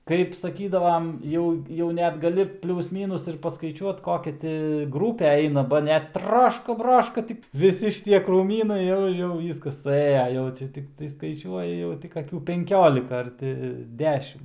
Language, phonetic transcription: Lithuanian, kaip saˈkydavam ˈjau jau ˈnet gaˈli ˈpliūs ˈmynus ir paskaiˈčiuot ˈkokia ti ˈgrūpe ˈeina ˈba net ˈtraška ˈbraška ˈtik viˈsi šiˈtie krūˈmynai ˈjau ˈjau ˈvyskas suˈėja ˈjau čia tikˈtai skaiˈčiuoja ˈjau tik aˈkių penˈkiolika ar ˈti ˈdešim

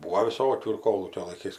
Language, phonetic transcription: Lithuanian, ˈbūo viˈsokių ir ˈkolūkio laiˈkais

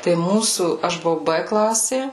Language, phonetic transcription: Lithuanian, tai ˈmūsų ˈaš buˈvau ˈbɘ ˈklasė

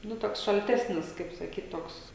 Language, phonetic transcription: Lithuanian, ˈnu ˈtoks šalˈtesnis kaip saˈkyt ˈtoks

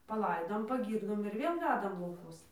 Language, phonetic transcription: Lithuanian, paˈlaidom paˈgyrdom ir ˈvėl ˈvedam lauˈkuos

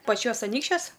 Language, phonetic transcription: Lithuanian, paˈčiuos aˈnykščiuos

